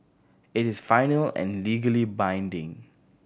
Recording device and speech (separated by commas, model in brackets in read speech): boundary microphone (BM630), read sentence